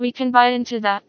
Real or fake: fake